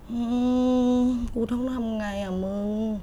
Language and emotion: Thai, frustrated